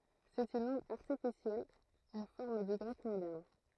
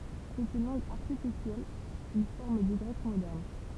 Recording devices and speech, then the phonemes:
throat microphone, temple vibration pickup, read sentence
sɛt yn lɑ̃ɡ aʁtifisjɛl yn fɔʁm dy ɡʁɛk modɛʁn

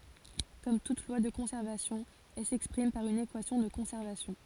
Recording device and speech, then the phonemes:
forehead accelerometer, read sentence
kɔm tut lwa də kɔ̃sɛʁvasjɔ̃ ɛl sɛkspʁim paʁ yn ekwasjɔ̃ də kɔ̃sɛʁvasjɔ̃

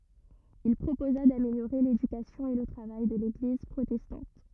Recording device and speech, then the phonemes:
rigid in-ear microphone, read sentence
il pʁopoza dameljoʁe ledykasjɔ̃ e lə tʁavaj də leɡliz pʁotɛstɑ̃t

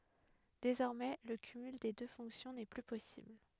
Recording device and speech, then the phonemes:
headset microphone, read sentence
dezɔʁmɛ lə kymyl de dø fɔ̃ksjɔ̃ nɛ ply pɔsibl

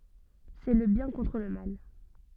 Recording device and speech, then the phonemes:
soft in-ear microphone, read sentence
sɛ lə bjɛ̃ kɔ̃tʁ lə mal

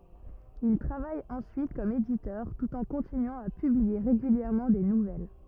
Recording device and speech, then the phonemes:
rigid in-ear microphone, read sentence
il tʁavaj ɑ̃syit kɔm editœʁ tut ɑ̃ kɔ̃tinyɑ̃ a pyblie ʁeɡyljɛʁmɑ̃ de nuvɛl

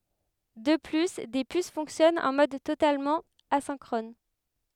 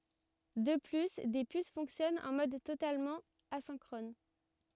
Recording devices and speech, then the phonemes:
headset microphone, rigid in-ear microphone, read sentence
də ply de pys fɔ̃ksjɔnɑ̃ ɑ̃ mɔd totalmɑ̃ azɛ̃kʁɔn

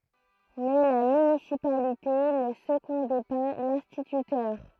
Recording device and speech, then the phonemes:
throat microphone, read sentence
mɛ la mynisipalite nə səɡɔ̃dɛ pa lɛ̃stitytœʁ

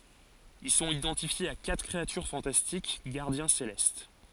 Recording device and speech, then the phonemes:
forehead accelerometer, read sentence
il sɔ̃t idɑ̃tifjez a katʁ kʁeatyʁ fɑ̃tastik ɡaʁdjɛ̃ selɛst

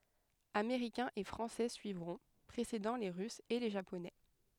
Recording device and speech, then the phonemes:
headset microphone, read sentence
ameʁikɛ̃z e fʁɑ̃sɛ syivʁɔ̃ pʁesedɑ̃ le ʁysz e le ʒaponɛ

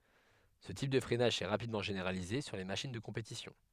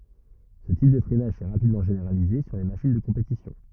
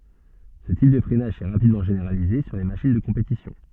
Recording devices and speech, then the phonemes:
headset microphone, rigid in-ear microphone, soft in-ear microphone, read sentence
sə tip də fʁɛnaʒ sɛ ʁapidmɑ̃ ʒeneʁalize syʁ le maʃin də kɔ̃petisjɔ̃

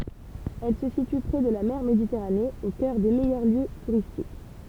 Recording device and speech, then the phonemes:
temple vibration pickup, read sentence
ɛl sə sity pʁe də la mɛʁ meditɛʁane o kœʁ de mɛjœʁ ljø tuʁistik

